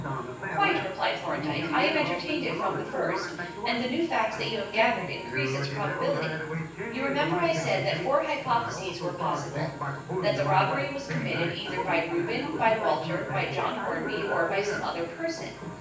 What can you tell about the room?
A large space.